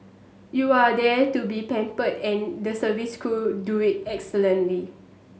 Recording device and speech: mobile phone (Samsung S8), read sentence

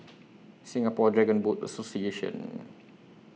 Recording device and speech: mobile phone (iPhone 6), read sentence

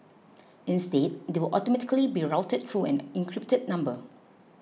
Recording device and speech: mobile phone (iPhone 6), read sentence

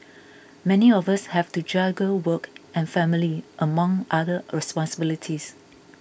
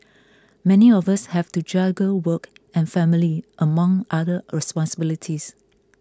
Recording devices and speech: boundary microphone (BM630), close-talking microphone (WH20), read sentence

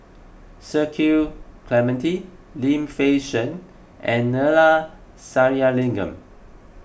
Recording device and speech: boundary microphone (BM630), read sentence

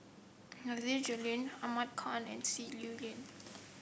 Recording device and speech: boundary microphone (BM630), read sentence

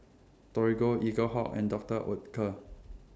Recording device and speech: standing microphone (AKG C214), read sentence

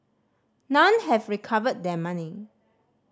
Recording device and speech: standing microphone (AKG C214), read sentence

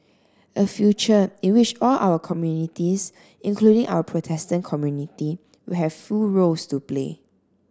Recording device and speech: standing microphone (AKG C214), read sentence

